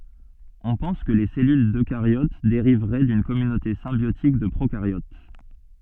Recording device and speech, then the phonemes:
soft in-ear microphone, read sentence
ɔ̃ pɑ̃s kə le sɛlyl døkaʁjot deʁivʁɛ dyn kɔmynote sɛ̃bjotik də pʁokaʁjot

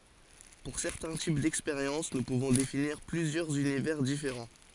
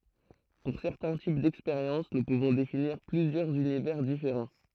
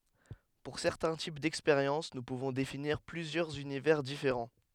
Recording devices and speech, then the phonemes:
forehead accelerometer, throat microphone, headset microphone, read sentence
puʁ sɛʁtɛ̃ tip dɛkspeʁjɑ̃s nu puvɔ̃ definiʁ plyzjœʁz ynivɛʁ difeʁɑ̃

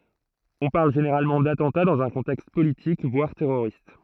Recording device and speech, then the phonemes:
throat microphone, read sentence
ɔ̃ paʁl ʒeneʁalmɑ̃ datɑ̃ta dɑ̃z œ̃ kɔ̃tɛkst politik vwaʁ tɛʁoʁist

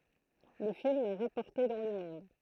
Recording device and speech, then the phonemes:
throat microphone, read sentence
lə film a ʁapɔʁte dɑ̃ lə mɔ̃d

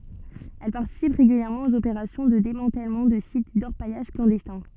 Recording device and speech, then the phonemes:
soft in-ear microphone, read sentence
ɛl paʁtisip ʁeɡyljɛʁmɑ̃ oz opeʁasjɔ̃ də demɑ̃tɛlmɑ̃ də sit dɔʁpajaʒ klɑ̃dɛstɛ̃

